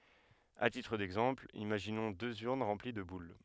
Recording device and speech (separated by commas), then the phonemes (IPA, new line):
headset microphone, read sentence
a titʁ dɛɡzɑ̃pl imaʒinɔ̃ døz yʁn ʁɑ̃pli də bul